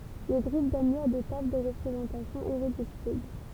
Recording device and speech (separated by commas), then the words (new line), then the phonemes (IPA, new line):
temple vibration pickup, read sentence
Les groupes donnent lieu à des tables de représentation irréductibles.
le ɡʁup dɔn ljø a de tabl də ʁəpʁezɑ̃tasjɔ̃ iʁedyktibl